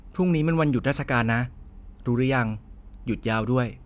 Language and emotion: Thai, neutral